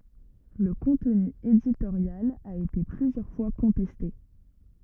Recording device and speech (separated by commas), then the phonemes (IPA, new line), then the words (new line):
rigid in-ear microphone, read sentence
lə kɔ̃tny editoʁjal a ete plyzjœʁ fwa kɔ̃tɛste
Le contenu éditorial a été plusieurs fois contesté.